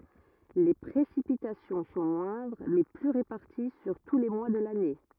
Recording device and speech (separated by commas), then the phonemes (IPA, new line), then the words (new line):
rigid in-ear microphone, read sentence
le pʁesipitasjɔ̃ sɔ̃ mwɛ̃dʁ mɛ ply ʁepaʁti syʁ tu le mwa də lane
Les précipitations sont moindres mais plus réparties sur tous les mois de l'année.